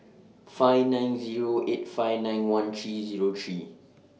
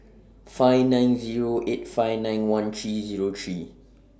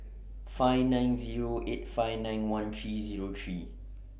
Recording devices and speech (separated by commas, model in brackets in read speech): mobile phone (iPhone 6), standing microphone (AKG C214), boundary microphone (BM630), read sentence